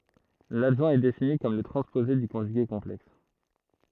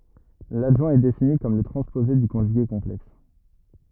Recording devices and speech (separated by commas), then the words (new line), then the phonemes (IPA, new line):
throat microphone, rigid in-ear microphone, read sentence
L'adjoint est défini comme le transposé du conjugué complexe.
ladʒwɛ̃ ɛ defini kɔm lə tʁɑ̃spoze dy kɔ̃ʒyɡe kɔ̃plɛks